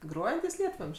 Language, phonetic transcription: Lithuanian, ˈgrojantys ˈlietvam'ž'

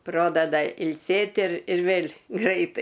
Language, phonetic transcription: Lithuanian, ˈprodada ilˈsėt' ir ir ˈvėl' ˈgraitai

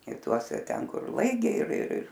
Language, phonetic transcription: Lithuanian, i ˈtuose ˈten kur ˈlaigiai ir ir ir

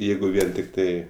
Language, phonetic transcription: Lithuanian, ˈjeigu ˈvien tikˈtai

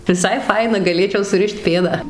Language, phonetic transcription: Lithuanian, viˈsai ˈfaina gaˈlėčiau suˈrišt ˈpėdą

